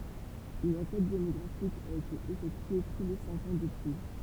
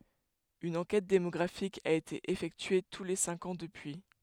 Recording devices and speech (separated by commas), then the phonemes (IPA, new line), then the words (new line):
temple vibration pickup, headset microphone, read sentence
yn ɑ̃kɛt demɔɡʁafik a ete efɛktye tu le sɛ̃k ɑ̃ dəpyi
Une enquête démographique a été effectuée tous les cinq ans depuis.